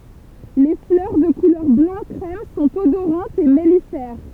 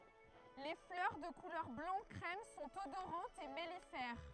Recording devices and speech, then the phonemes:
temple vibration pickup, throat microphone, read sentence
le flœʁ də kulœʁ blɑ̃ kʁɛm sɔ̃t odoʁɑ̃tz e mɛlifɛʁ

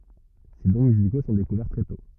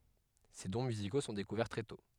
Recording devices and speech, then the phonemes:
rigid in-ear microphone, headset microphone, read sentence
se dɔ̃ myziko sɔ̃ dekuvɛʁ tʁɛ tɔ̃

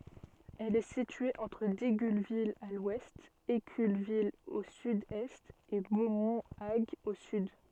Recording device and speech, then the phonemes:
soft in-ear microphone, read sentence
ɛl ɛ sitye ɑ̃tʁ diɡylvil a lwɛst ekylvil o sydɛst e bomɔ̃ aɡ o syd

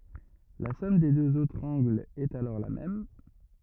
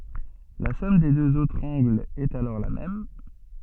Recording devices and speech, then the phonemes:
rigid in-ear microphone, soft in-ear microphone, read sentence
la sɔm de døz otʁz ɑ̃ɡlz ɛt alɔʁ la mɛm

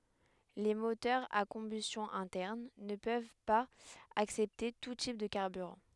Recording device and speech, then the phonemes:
headset microphone, read sentence
le motœʁz a kɔ̃bystjɔ̃ ɛ̃tɛʁn nə pøv paz aksɛpte tu tip də kaʁbyʁɑ̃

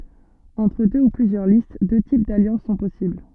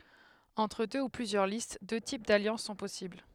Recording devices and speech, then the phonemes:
soft in-ear microphone, headset microphone, read sentence
ɑ̃tʁ dø u plyzjœʁ list dø tip daljɑ̃s sɔ̃ pɔsibl

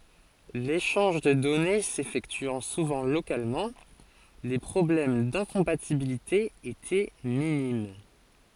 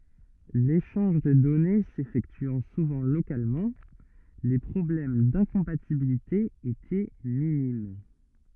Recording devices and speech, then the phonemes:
forehead accelerometer, rigid in-ear microphone, read sentence
leʃɑ̃ʒ də dɔne sefɛktyɑ̃ suvɑ̃ lokalmɑ̃ le pʁɔblɛm dɛ̃kɔ̃patibilite etɛ minim

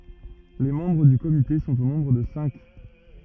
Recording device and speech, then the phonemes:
rigid in-ear microphone, read sentence
le mɑ̃bʁ dy komite sɔ̃t o nɔ̃bʁ də sɛ̃k

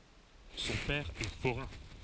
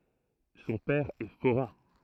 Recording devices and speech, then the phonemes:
forehead accelerometer, throat microphone, read sentence
sɔ̃ pɛʁ ɛ foʁɛ̃

